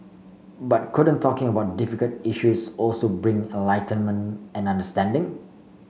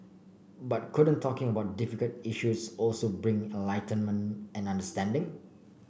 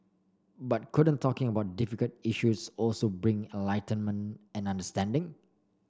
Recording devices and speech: mobile phone (Samsung C5), boundary microphone (BM630), standing microphone (AKG C214), read sentence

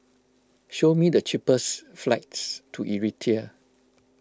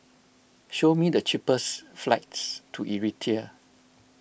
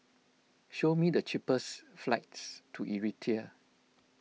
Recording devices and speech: close-talking microphone (WH20), boundary microphone (BM630), mobile phone (iPhone 6), read sentence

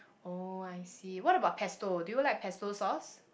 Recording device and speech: boundary microphone, conversation in the same room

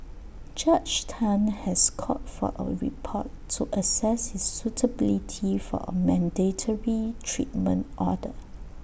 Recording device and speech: boundary microphone (BM630), read sentence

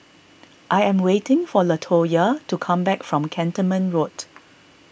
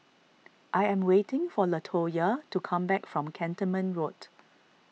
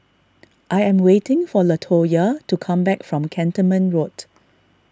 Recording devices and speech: boundary microphone (BM630), mobile phone (iPhone 6), standing microphone (AKG C214), read sentence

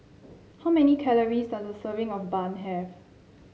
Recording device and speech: mobile phone (Samsung C7), read sentence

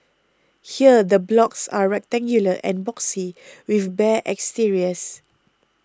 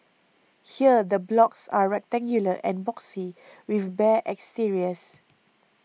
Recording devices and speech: close-talking microphone (WH20), mobile phone (iPhone 6), read sentence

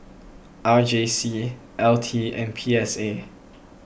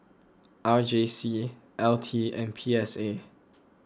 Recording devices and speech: boundary microphone (BM630), close-talking microphone (WH20), read sentence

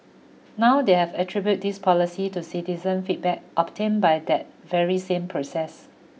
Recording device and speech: mobile phone (iPhone 6), read sentence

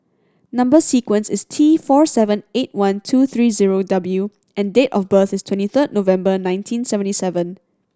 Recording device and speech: standing microphone (AKG C214), read sentence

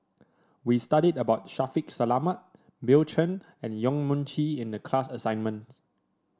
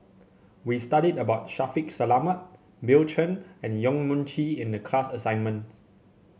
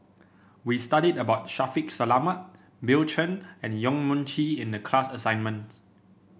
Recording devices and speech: standing microphone (AKG C214), mobile phone (Samsung C7), boundary microphone (BM630), read sentence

